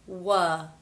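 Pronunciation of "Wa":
'Wa' starts with a w sound and opens into the uh sound as in 'butter'.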